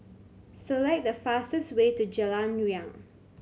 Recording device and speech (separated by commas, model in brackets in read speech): mobile phone (Samsung C7100), read sentence